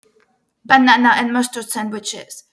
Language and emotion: English, angry